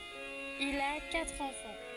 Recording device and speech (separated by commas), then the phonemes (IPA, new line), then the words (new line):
forehead accelerometer, read sentence
il a katʁ ɑ̃fɑ̃
Il a quatre enfants.